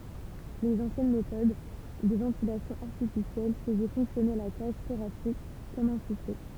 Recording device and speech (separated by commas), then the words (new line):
temple vibration pickup, read sentence
Les anciennes méthode de ventilation artificielle faisaient fonctionner la cage thoracique comme un soufflet.